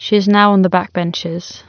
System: none